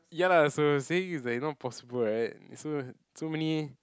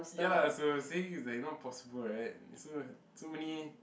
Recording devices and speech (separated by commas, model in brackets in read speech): close-talking microphone, boundary microphone, conversation in the same room